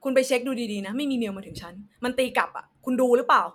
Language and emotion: Thai, angry